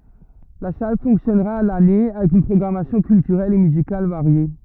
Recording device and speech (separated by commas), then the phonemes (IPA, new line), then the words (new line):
rigid in-ear microphone, read sentence
la sal fɔ̃ksjɔnʁa a lane avɛk yn pʁɔɡʁamasjɔ̃ kyltyʁɛl e myzikal vaʁje
La salle fonctionnera à l'année, avec une programmation culturelle et musicale variée.